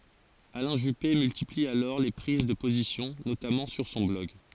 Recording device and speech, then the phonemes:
forehead accelerometer, read sentence
alɛ̃ ʒype myltipli alɔʁ le pʁiz də pozisjɔ̃ notamɑ̃ syʁ sɔ̃ blɔɡ

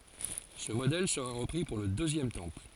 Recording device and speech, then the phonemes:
forehead accelerometer, read sentence
sə modɛl səʁa ʁəpʁi puʁ lə døzjɛm tɑ̃pl

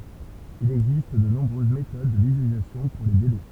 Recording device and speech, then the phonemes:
temple vibration pickup, read sentence
il ɛɡzist də nɔ̃bʁøz metod də vizyalizasjɔ̃ puʁ le delɛ

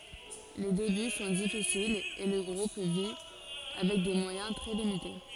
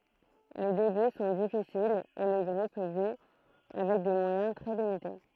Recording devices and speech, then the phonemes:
forehead accelerometer, throat microphone, read sentence
le deby sɔ̃ difisilz e lə ɡʁup vi avɛk de mwajɛ̃ tʁɛ limite

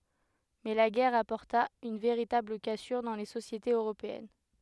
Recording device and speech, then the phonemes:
headset microphone, read sentence
mɛ la ɡɛʁ apɔʁta yn veʁitabl kasyʁ dɑ̃ le sosjetez øʁopeɛn

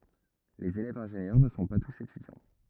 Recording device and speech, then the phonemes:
rigid in-ear microphone, read sentence
lez elɛvz ɛ̃ʒenjœʁ nə sɔ̃ pa tus etydjɑ̃

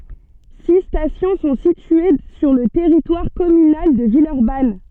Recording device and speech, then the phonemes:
soft in-ear microphone, read sentence
si stasjɔ̃ sɔ̃ sitye syʁ lə tɛʁitwaʁ kɔmynal də vilœʁban

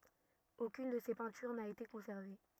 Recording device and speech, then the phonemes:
rigid in-ear microphone, read sentence
okyn də se pɛ̃tyʁ na ete kɔ̃sɛʁve

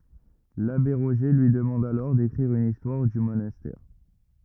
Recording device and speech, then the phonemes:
rigid in-ear microphone, read sentence
labe ʁoʒe lyi dəmɑ̃d alɔʁ dekʁiʁ yn istwaʁ dy monastɛʁ

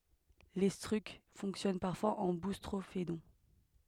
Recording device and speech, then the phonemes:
headset microphone, read sentence
letʁysk fɔ̃ksjɔn paʁfwaz ɑ̃ bustʁofedɔ̃

